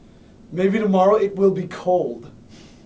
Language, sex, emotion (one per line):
English
male
neutral